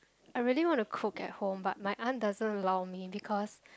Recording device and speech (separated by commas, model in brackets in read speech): close-talking microphone, conversation in the same room